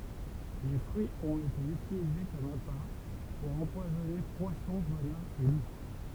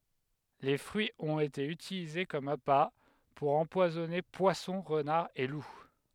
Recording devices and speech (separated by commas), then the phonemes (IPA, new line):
temple vibration pickup, headset microphone, read sentence
le fʁyiz ɔ̃t ete ytilize kɔm apa puʁ ɑ̃pwazɔne pwasɔ̃ ʁənaʁz e lu